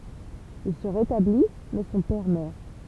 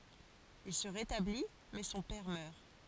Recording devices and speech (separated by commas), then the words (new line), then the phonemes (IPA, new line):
temple vibration pickup, forehead accelerometer, read sentence
Il se rétablit, mais son père meurt.
il sə ʁetabli mɛ sɔ̃ pɛʁ mœʁ